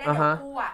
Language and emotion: Thai, neutral